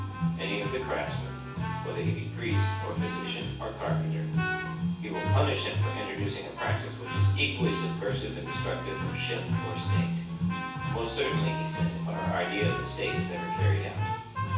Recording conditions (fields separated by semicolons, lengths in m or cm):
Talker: one person; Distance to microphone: 9.8 m; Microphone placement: far; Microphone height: 1.8 m; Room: large; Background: music